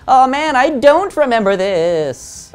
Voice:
funny voice